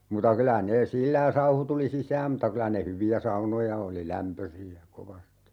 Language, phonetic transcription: Finnish, 'muta 'kylä nee "sillä ja 'sauhu tuli "sisääm m̥ta 'kylä ne 'hyvi₍ä "saunoja oli 'lämpösi₍ä , 'kovasti .
- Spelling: mutta kyllä ne sillä ja sauhu tuli sisään mutta kyllä ne hyviä saunoja oli lämpöisiä kovasti

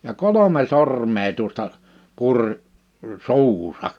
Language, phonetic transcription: Finnish, ja "kolome "sormee 'tuᵒsta , 'puŕ , 'su̬uhusa .
- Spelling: ja kolme sormea tuosta puri suuhunsa

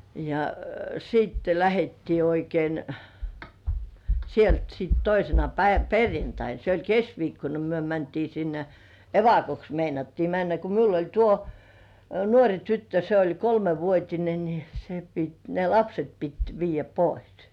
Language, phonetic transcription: Finnish, ja siitte 'lähettii oikein , 'sielt sit "toisena 'päi- "perjantain , se oĺ "kes(k)viikkona ‿kᵒ myö mäntii 'sinne , "evakoks meinattii 'männä ko 'miul ‿oĺ 'tuo , "nuoŕi 'tyttö se oĺ "kolmevuot́ine ni , se pit ne "lapset pit 'viijjä "pois .
- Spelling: ja sitten lähdettiin oikein sieltä sitten toisena - perjantaina se oli keskiviikkona kun me mentiin sinne evakoksi meinattiin mennä kun minulla oli tuo nuori tyttö se oli kolmevuotinen niin se piti ne lapset piti viedä pois

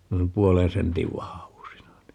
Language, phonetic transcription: Finnish, nuim "puolen 'sentiv 'vahavusina ni .
- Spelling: noin puolen sentin vahvuisina niin

